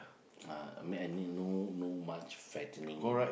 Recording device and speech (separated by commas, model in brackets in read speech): boundary microphone, conversation in the same room